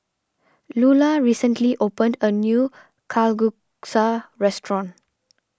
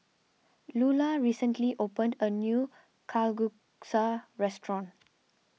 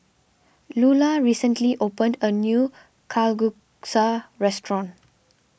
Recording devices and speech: standing microphone (AKG C214), mobile phone (iPhone 6), boundary microphone (BM630), read sentence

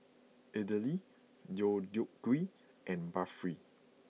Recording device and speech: mobile phone (iPhone 6), read sentence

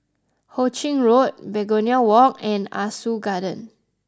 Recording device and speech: close-talking microphone (WH20), read sentence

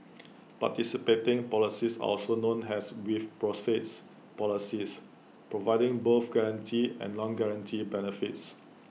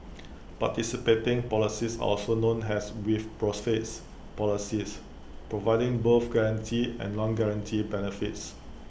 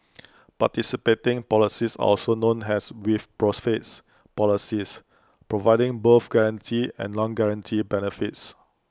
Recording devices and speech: mobile phone (iPhone 6), boundary microphone (BM630), close-talking microphone (WH20), read sentence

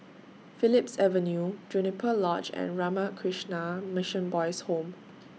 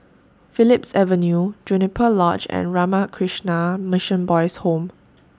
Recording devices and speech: mobile phone (iPhone 6), standing microphone (AKG C214), read sentence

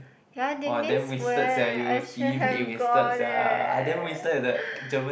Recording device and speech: boundary microphone, conversation in the same room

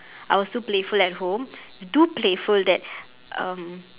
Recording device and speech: telephone, conversation in separate rooms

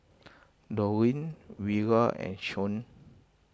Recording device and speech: close-talking microphone (WH20), read sentence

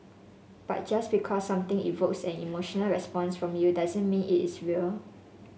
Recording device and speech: mobile phone (Samsung S8), read sentence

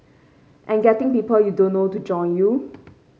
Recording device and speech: mobile phone (Samsung C5), read sentence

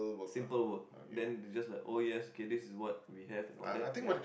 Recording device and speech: boundary microphone, conversation in the same room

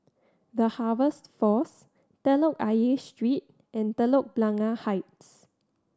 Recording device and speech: standing microphone (AKG C214), read sentence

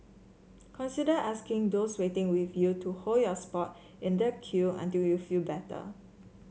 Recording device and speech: mobile phone (Samsung C7), read sentence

